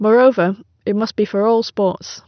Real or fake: real